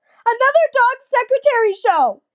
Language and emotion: English, sad